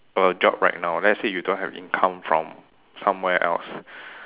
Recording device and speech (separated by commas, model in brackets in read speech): telephone, conversation in separate rooms